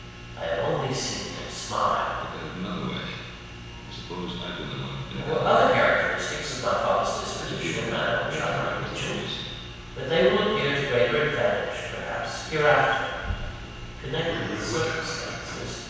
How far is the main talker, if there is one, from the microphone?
7.1 m.